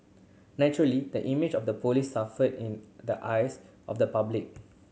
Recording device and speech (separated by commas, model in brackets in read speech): mobile phone (Samsung C7100), read sentence